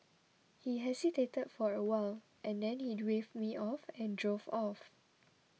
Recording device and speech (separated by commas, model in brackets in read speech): mobile phone (iPhone 6), read sentence